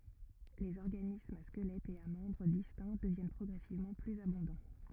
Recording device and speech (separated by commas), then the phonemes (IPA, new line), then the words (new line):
rigid in-ear microphone, read sentence
lez ɔʁɡanismz a skəlɛtz e a mɑ̃bʁ distɛ̃ dəvjɛn pʁɔɡʁɛsivmɑ̃ plyz abɔ̃dɑ̃
Les organismes à squelettes et à membres distincts deviennent progressivement plus abondants.